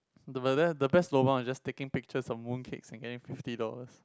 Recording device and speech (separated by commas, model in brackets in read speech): close-talking microphone, conversation in the same room